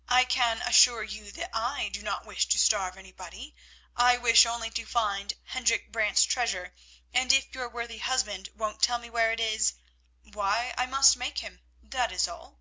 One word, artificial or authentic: authentic